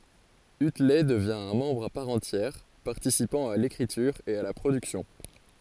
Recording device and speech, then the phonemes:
forehead accelerometer, read sentence
ytlɛ dəvjɛ̃ œ̃ mɑ̃bʁ a paʁ ɑ̃tjɛʁ paʁtisipɑ̃ a lekʁityʁ e a la pʁodyksjɔ̃

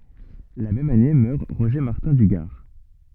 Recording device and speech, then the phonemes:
soft in-ear microphone, read sentence
la mɛm ane mœʁ ʁoʒe maʁtɛ̃ dy ɡaʁ

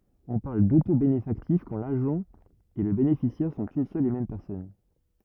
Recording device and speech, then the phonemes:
rigid in-ear microphone, read sentence
ɔ̃ paʁl dotobenefaktif kɑ̃ laʒɑ̃ e lə benefisjɛʁ sɔ̃t yn sœl e mɛm pɛʁsɔn

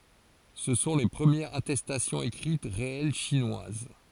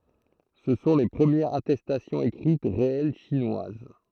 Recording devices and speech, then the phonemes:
forehead accelerometer, throat microphone, read sentence
sə sɔ̃ le pʁəmjɛʁz atɛstasjɔ̃z ekʁit ʁeɛl ʃinwaz

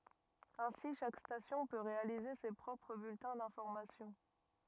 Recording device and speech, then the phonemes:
rigid in-ear microphone, read sentence
ɛ̃si ʃak stasjɔ̃ pø ʁealize se pʁɔpʁ byltɛ̃ dɛ̃fɔʁmasjɔ̃

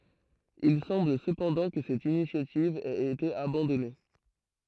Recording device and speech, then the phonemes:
throat microphone, read sentence
il sɑ̃bl səpɑ̃dɑ̃ kə sɛt inisjativ ɛt ete abɑ̃dɔne

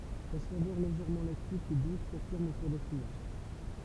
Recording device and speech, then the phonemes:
temple vibration pickup, read sentence
sa savœʁ leʒɛʁmɑ̃ laktik e dus safiʁm ɑ̃ kuʁ dafinaʒ

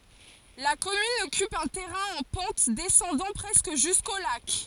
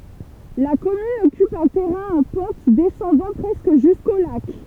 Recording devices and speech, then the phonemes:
forehead accelerometer, temple vibration pickup, read sentence
la kɔmyn ɔkyp œ̃ tɛʁɛ̃ ɑ̃ pɑ̃t dɛsɑ̃dɑ̃ pʁɛskə ʒysko lak

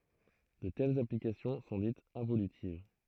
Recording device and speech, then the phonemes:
throat microphone, read sentence
də tɛlz aplikasjɔ̃ sɔ̃ ditz ɛ̃volytiv

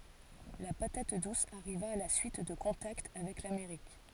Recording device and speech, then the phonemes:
forehead accelerometer, read sentence
la patat dus aʁiva a la syit də kɔ̃takt avɛk lameʁik

